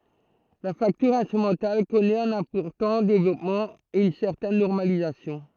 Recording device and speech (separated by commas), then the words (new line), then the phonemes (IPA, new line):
throat microphone, read sentence
La facture instrumentale connaît un important développement et une certaine normalisation.
la faktyʁ ɛ̃stʁymɑ̃tal kɔnɛt œ̃n ɛ̃pɔʁtɑ̃ devlɔpmɑ̃ e yn sɛʁtɛn nɔʁmalizasjɔ̃